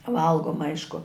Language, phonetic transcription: Lithuanian, ˈvalgoma ˈaišku

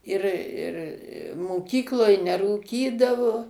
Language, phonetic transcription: Lithuanian, ˈir ˈir moˈkykloj nerūˈkydavo

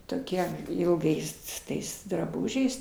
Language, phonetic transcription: Lithuanian, toˈkie ilˈgais s ˈtais draˈbužiais

